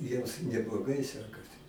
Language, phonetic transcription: Lithuanian, ˈjiems nebloˈgai ˈsekasi

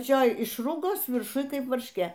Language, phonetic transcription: Lithuanian, apaˈčioj ˈišrugos virˈšuj ˈkaip varšˈkė

